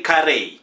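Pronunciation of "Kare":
The name is pronounced incorrectly here as 'Kare'. The correct pronunciation is 'Kerry'.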